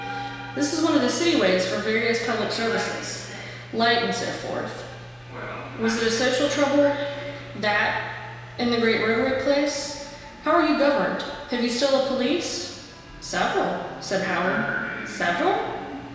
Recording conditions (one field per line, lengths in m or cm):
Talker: one person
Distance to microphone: 1.7 m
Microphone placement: close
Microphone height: 1.0 m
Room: very reverberant, large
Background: television